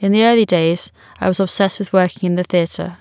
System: none